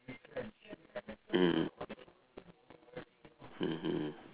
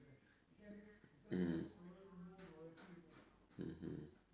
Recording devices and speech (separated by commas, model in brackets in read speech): telephone, standing microphone, conversation in separate rooms